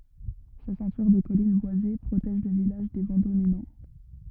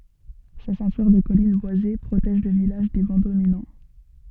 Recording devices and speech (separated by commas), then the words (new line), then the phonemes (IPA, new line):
rigid in-ear microphone, soft in-ear microphone, read sentence
Sa ceinture de collines boisées protège le village des vents dominants.
sa sɛ̃tyʁ də kɔlin bwaze pʁotɛʒ lə vilaʒ de vɑ̃ dominɑ̃